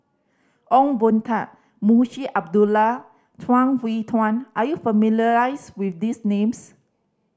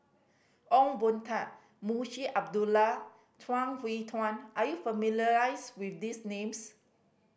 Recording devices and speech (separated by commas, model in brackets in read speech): standing microphone (AKG C214), boundary microphone (BM630), read sentence